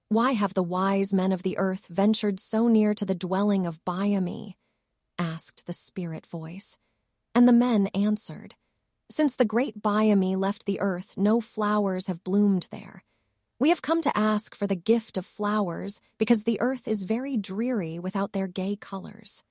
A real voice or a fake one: fake